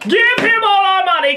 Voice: imitating aristocrat